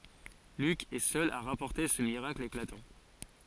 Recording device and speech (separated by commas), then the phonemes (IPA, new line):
forehead accelerometer, read sentence
lyk ɛ sœl a ʁapɔʁte sə miʁakl eklatɑ̃